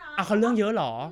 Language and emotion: Thai, neutral